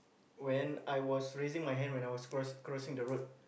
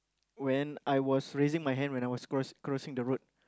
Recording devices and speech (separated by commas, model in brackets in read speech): boundary microphone, close-talking microphone, conversation in the same room